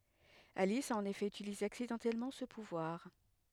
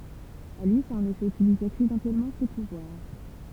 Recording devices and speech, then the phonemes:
headset microphone, temple vibration pickup, read sentence
alis a ɑ̃n efɛ ytilize aksidɑ̃tɛlmɑ̃ sə puvwaʁ

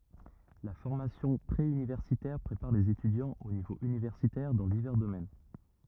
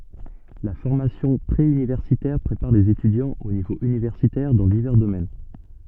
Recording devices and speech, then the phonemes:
rigid in-ear microphone, soft in-ear microphone, read sentence
la fɔʁmasjɔ̃ pʁe ynivɛʁsitɛʁ pʁepaʁ lez etydjɑ̃z o nivo ynivɛʁsitɛʁ dɑ̃ divɛʁ domɛn

